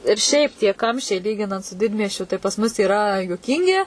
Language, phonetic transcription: Lithuanian, ir ˈšiaip tie ˈkamščiai ˈlyginant su ˈdidmiesčiu tai pas ˈmus yˈra juoˈkyngi

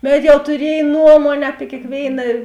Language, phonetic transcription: Lithuanian, ˈbet jau tuˈriej ˈnuomuonė api kėkˈvėina

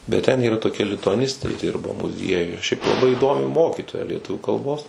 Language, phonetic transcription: Lithuanian, bet ˈten yˈra toˈkia lituaˈnistė ˈdirba muˈziejuj šiaip laˈbai įˈdomi ˈmokytoja lieˈtuvių kalˈbos

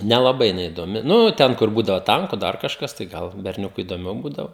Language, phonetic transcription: Lithuanian, nelaˈbai jiˈnai idoˈmi ˈnu ˈten kur ˈbūdavo ˈtanku ˈdar kažˈkas tai ˈgal berˈniukui idoˈmiau ˈbūdavo

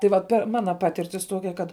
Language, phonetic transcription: Lithuanian, tai ˈvat ˈper ˈmana ˈpatirtis ˈtuokia kad

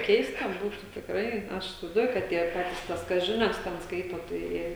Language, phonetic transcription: Lithuanian, ˈkeista ˈbūtu tikˈrai ˈaš isivaizˈduoju kad ˈtie ˈpatis ˈtas ˈkas ˈžinias ten ˈskaito tai ˈjie

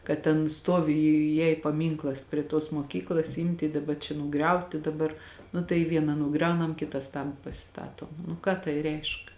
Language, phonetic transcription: Lithuanian, kad ten ˈstovi ˈjai paˈmynklas prie tos moˈkyklas ˈimti daˈba čia nuˈgriauti daˈbar nu tai ˈviena nuˈgriaunam ˈkitas tan pasiˈstato nu ˈką tai ˈreišk

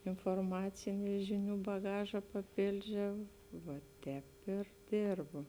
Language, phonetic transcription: Lithuanian, inforˈmaciniu ˈžiˌnių baˈgaža paˈpėldžiau va ˈtēp ir ˈdėrbo

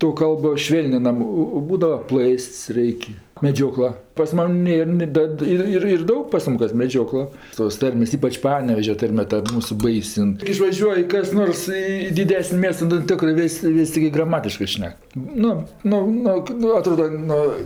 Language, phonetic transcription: Lithuanian, to ˈkalbo ˈšvėlninam ˈo o ˈbūdava ˈplɜst's' ˈraik' meˈdžiokla pas ˈman' ˈnėr ni ˈdad ˈir ˈir ir ˈdaug pas ˈmum kas meˈdžiokla tos ˈtarmės ˈypač ˈpanevežia ˈtarme ta ˈmūsu ˈbais' in ˈtik išvaˈžiuoj kas ˈnors ˈį i diˈdesni ˈmiesta nu ˈtikrɜ ˈvės' ˈvis' tiˈgi graˈmatiškɜ ˈšnek ˈnu ˈnu ˈnu ˈnu aˈtroda ˈnu

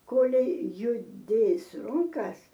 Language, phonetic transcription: Lithuanian, ˈkolei juˈdės ˈrunkas

